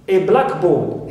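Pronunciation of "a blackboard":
In 'a black board', said as a noun phrase rather than as the compound noun, the stress falls on the second word, 'board'.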